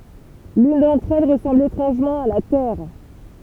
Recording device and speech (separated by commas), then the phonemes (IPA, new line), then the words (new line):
temple vibration pickup, read sentence
lyn dɑ̃tʁ ɛl ʁəsɑ̃bl etʁɑ̃ʒmɑ̃ a la tɛʁ
L’une d’entre elles ressemble étrangement à la Terre.